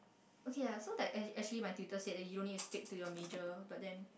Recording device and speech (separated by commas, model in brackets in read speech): boundary microphone, conversation in the same room